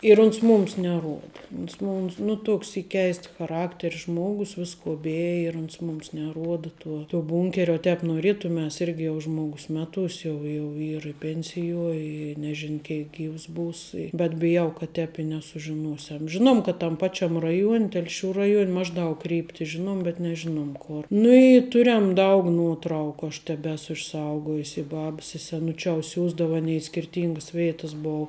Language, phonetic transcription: Lithuanian, ir ˈuns ˈmums neˈruoda ˈuns ˈmums ˈnu ˈtuks ˈy ˈkeists chaˈrakteri ˈžmogus ˈvisko ˈbeji ir ˈuns ˈmums neˈruoda ˈtuo tuo ˈbunkerio uo ˈtēp noˈrėtumes ˈirgi jau ˈžmogus ˈmeˌtūs' ˈjau jau ˈyr ˈpensijuo i neˈžin ˈkeik ˈgyvs ˈbūs bet biˈjau kad ˈtēp i nesužiˈnuosiam ˈžinom kad tam ˈpačiam ˈraˌjuon' ˈtelšiu ˈraˌjuon' ˈmažˌdaug ˈkrypti ˈžinom bet neˈžinom ˈkor nu i ˈturem ˈdaug ˈnuoˌtrauku aš teˈbesu išˈsaugojusi ˈbab su seˈnučiou ˈsiųsdavu aˈnei i skirˈtyngəs ˈveitəs ˈbou

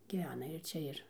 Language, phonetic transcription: Lithuanian, gyˈvena ir ˈčia ir

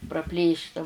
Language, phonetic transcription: Lithuanian, praˈplėšta

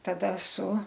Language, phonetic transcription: Lithuanian, taˈda su

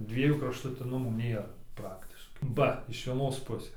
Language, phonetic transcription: Lithuanian, ˈdviejų kraštuˈtinumų ˈnėra ˈpraktiškai ˈba iš vieˈnos ˈpusės

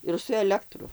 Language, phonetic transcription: Lithuanian, ir su eˈlektru

